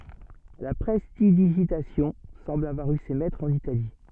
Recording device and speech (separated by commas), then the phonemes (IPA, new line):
soft in-ear microphone, read sentence
la pʁɛstidiʒitasjɔ̃ sɑ̃bl avwaʁ y se mɛtʁz ɑ̃n itali